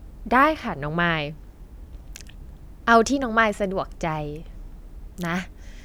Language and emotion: Thai, frustrated